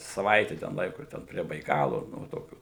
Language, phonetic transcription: Lithuanian, saˈvaite ten ˈlaiku ˈten prie baiˈkalu ˈnu va ˈtokių

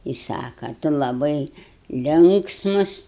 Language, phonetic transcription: Lithuanian, i ˈsaka ˈtu laˈbai ˈlinksmus

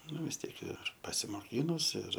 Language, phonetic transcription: Lithuanian, ˈnu vis ˈtiek ir pasimoˈkynus ir

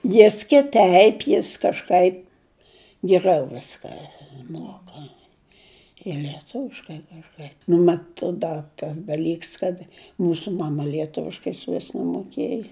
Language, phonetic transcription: Lithuanian, ˈjis kiˈteip ˈjis kažˈkaip giˈrau ˈviska ˈmuoka ir lieˈtuviškai kažˈkaip nu ˈmat ˈda tas daˈlyks kad ˈmūsu ˈmama lieˈtuviškai išˈvis nemoˈkėja

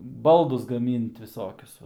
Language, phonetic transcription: Lithuanian, ˈbaldus gaˈmynt viˈsokius ˈva

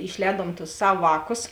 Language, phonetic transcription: Lithuanian, išˈlēduom tus ˈsav ˈvāˌkus

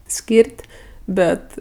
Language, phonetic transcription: Lithuanian, ˈskyr't' ˈbet

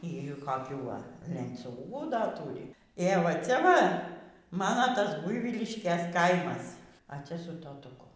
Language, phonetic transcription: Lithuanian, y gi kaˈkių ˈva lenˈciūgų ˈda ˈtūri ė va ˈcia ˈva ˈmano ˈtas ˈbuivyliškės ˈkaimas a ˈcia su totuˈku

